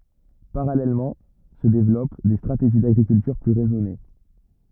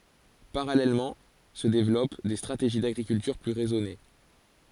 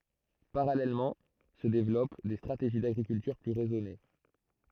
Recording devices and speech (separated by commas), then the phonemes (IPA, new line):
rigid in-ear microphone, forehead accelerometer, throat microphone, read sentence
paʁalɛlmɑ̃ sə devlɔp de stʁateʒi daɡʁikyltyʁ ply ʁɛzɔne